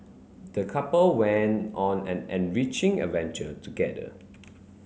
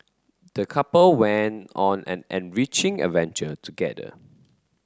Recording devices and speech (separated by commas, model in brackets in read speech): mobile phone (Samsung C9), close-talking microphone (WH30), read sentence